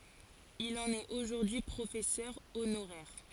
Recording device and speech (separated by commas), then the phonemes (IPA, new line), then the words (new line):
forehead accelerometer, read sentence
il ɑ̃n ɛt oʒuʁdyi pʁofɛsœʁ onoʁɛʁ
Il en est aujourd'hui professeur honoraire.